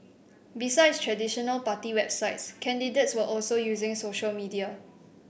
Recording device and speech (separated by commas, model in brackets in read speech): boundary microphone (BM630), read sentence